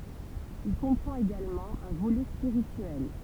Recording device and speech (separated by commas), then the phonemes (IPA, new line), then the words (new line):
temple vibration pickup, read sentence
il kɔ̃pʁɑ̃t eɡalmɑ̃ œ̃ volɛ spiʁityɛl
Il comprend également un volet spirituel.